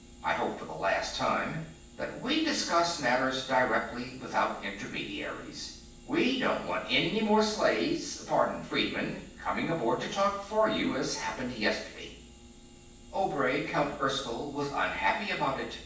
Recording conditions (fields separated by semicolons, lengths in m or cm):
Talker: one person; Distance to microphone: 9.8 m; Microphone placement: far; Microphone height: 1.8 m; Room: large; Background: none